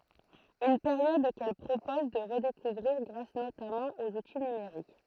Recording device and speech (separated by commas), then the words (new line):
throat microphone, read sentence
Une période qu’elle propose de redécouvrir grâce notamment aux outils numériques.